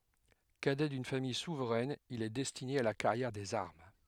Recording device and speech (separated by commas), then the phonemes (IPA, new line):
headset microphone, read sentence
kadɛ dyn famij suvʁɛn il ɛ dɛstine a la kaʁjɛʁ dez aʁm